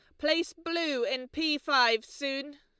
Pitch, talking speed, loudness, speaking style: 290 Hz, 150 wpm, -29 LUFS, Lombard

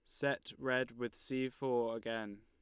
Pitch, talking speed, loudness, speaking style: 120 Hz, 160 wpm, -38 LUFS, Lombard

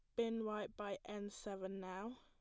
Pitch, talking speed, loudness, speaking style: 205 Hz, 180 wpm, -46 LUFS, plain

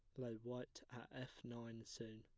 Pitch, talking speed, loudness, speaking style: 120 Hz, 185 wpm, -53 LUFS, plain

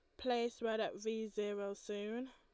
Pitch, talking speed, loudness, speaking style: 220 Hz, 170 wpm, -41 LUFS, Lombard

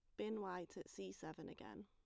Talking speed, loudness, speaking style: 220 wpm, -50 LUFS, plain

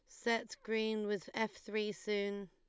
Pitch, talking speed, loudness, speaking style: 215 Hz, 160 wpm, -38 LUFS, Lombard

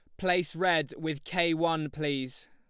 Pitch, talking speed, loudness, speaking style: 165 Hz, 155 wpm, -29 LUFS, Lombard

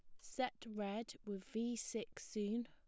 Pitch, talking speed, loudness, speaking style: 225 Hz, 145 wpm, -44 LUFS, plain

